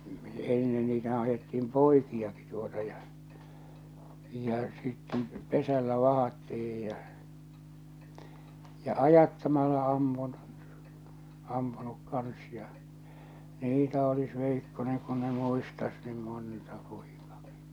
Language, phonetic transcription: Finnish, 'ennen niitähää̰ ajetti₍im "poiki₍aki tuota ja , ja sitten , 'pesällä 'vahattih̬ij ja , ja 'ajattamala "ammun , 'ampunuk 'kans ja , 'niitä olis veikkoneŋ kun ne 'muistas niim "monta pᴏɪkᴀkɪ .
- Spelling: ennen niitähän ajettiin poikiakin tuota ja ja sitten pesällä vahdattiin ja ja ajattamalla ammun ampunut kanssa ja niitä olisi veikkonen kun ne muistaisi niin monta poikaakin

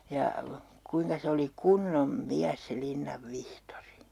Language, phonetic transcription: Finnish, ja , 'kuiŋka se oli "kunnom "miäs se 'Linnav 'Vihtori .
- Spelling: ja kuinka se oli kunnon mies se Linnan Vihtori

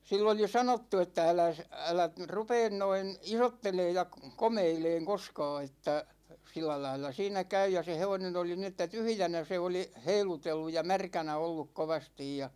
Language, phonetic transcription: Finnish, 'sill ‿oli "sanottu että » 'äläs , 'älä (nyt) "rupeen noin , 'isotteleej ja 'komeileeŋ 'koskaa että , 'sillälail̆la 'siinä 'käy « ja se 'hevonen ‿oli ni että "tyhʸjänä 'se oli , 'heilutellu ja "märkänä 'olluk 'kovastij ja .
- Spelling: sille oli sanottu että äläs älä nyt rupea noin isottelemaan ja komeilemaan koskaan että sillä lailla siinä käy ja se hevonen oli niin että tyhjänä se oli heilutellut ja märkänä ollut kovasti ja

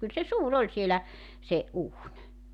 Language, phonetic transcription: Finnish, kyl se "suu'r ‿oĺ sielä , 'se , '’uuń .
- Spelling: kyllä se suuri oli siellä se uuni

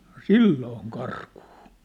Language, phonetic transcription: Finnish, ɴᴏ "sillooŋ 'karkᴜᴜ !
- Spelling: no silloin karkuun

